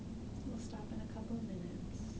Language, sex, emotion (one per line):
English
female
neutral